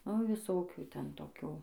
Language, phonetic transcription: Lithuanian, nu viˈsokių ˈten toˈkių

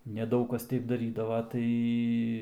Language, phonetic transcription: Lithuanian, neˈdaug kas ˈteip daˈrydava ˈtai

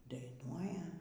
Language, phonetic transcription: Lithuanian, daiˈnuoja

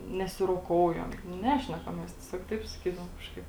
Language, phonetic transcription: Lithuanian, nesiroˈkoujam nu ˈnešnekam ˈmes tieˈsiog ˈtaip saˈkydavom ˈkažkaip

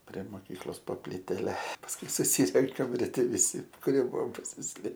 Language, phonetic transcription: Lithuanian, pre ˈmokyklos po pliˈtele pasˈkui suˈsyrenkam riˈte viˈsi kuˈrie ˈbuvom pasisˈlė

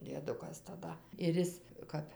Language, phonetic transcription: Lithuanian, dieˈdukas taˈda ir ˈis ˈkap

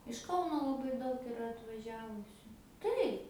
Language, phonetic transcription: Lithuanian, iš ˈkauno laˈbai ˈdaug iˈra atvaˈžiavusiu ˈtaip

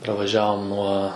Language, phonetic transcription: Lithuanian, pravaˈžiavom nuo

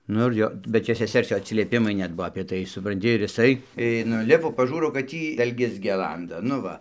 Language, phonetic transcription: Lithuanian, ˈnu ir ˈjo bet ˈčia seˈsers ˈjo atsilieˈpimai ˈnet ˈbuo apie ˈtai supranˈti ir jiˈsai i nuˈlipo paˈžūro kad ˈtį dalˈges geˈlanda nu ˈva

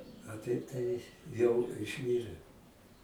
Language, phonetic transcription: Lithuanian, a ˈtaip tai jau išˈmyre

